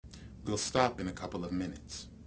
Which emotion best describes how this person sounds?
neutral